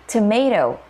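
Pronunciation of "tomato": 'Tomato' is pronounced the standard American English way.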